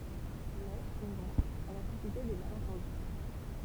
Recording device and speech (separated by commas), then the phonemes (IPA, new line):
temple vibration pickup, read sentence
mɛ suvɑ̃ ɛl a sysite de malɑ̃tɑ̃dy